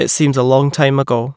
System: none